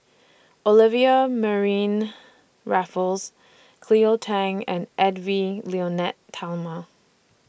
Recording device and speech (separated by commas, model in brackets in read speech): boundary microphone (BM630), read sentence